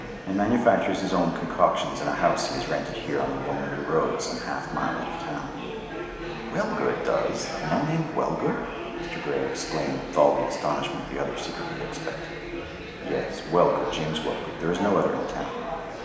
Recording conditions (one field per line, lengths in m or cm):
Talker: one person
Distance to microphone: 1.7 m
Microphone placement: close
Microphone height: 1.0 m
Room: very reverberant, large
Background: babble